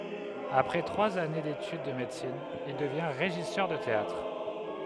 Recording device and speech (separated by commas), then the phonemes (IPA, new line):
headset microphone, read sentence
apʁɛ tʁwaz ane detyd də medəsin il dəvjɛ̃ ʁeʒisœʁ də teatʁ